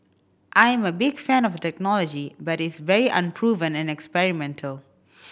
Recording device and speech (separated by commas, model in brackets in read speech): boundary microphone (BM630), read sentence